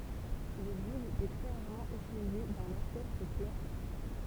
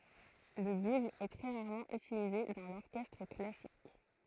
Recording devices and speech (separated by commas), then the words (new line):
temple vibration pickup, throat microphone, read sentence
Le bugle est très rarement utilisé dans l'orchestre classique.